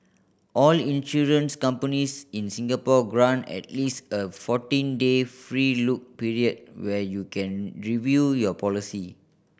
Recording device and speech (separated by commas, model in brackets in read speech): boundary microphone (BM630), read sentence